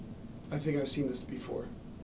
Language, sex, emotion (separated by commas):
English, male, neutral